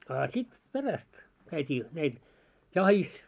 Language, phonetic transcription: Finnish, á sit 'peräst , käit́ii , näil , "jahis .
- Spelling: a sitten perästä käytiin näillä jahdissa

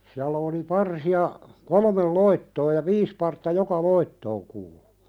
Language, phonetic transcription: Finnish, siällä oli "parsi₍a , "kolmel 'loittoo ja "viis partta "joka 'loittooŋ kuulᴜ .
- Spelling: siellä oli parsia kolme loittoa ja viisi partta joka loittoon kuului

